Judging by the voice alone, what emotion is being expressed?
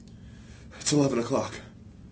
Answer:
fearful